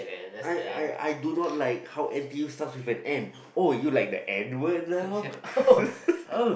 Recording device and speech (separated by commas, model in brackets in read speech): boundary microphone, conversation in the same room